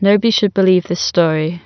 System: none